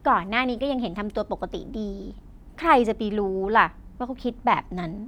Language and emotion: Thai, neutral